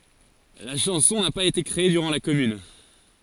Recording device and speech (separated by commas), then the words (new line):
forehead accelerometer, read sentence
La chanson n'a pas été créée durant la Commune.